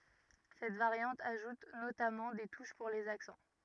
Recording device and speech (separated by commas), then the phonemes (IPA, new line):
rigid in-ear microphone, read sentence
sɛt vaʁjɑ̃t aʒut notamɑ̃ de tuʃ puʁ lez aksɑ̃